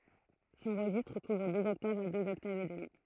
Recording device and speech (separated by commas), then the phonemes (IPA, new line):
throat microphone, read sentence
sɔ̃ ʁəʒistʁ kuvʁ døz ɔktavz a døz ɔktavz e dəmi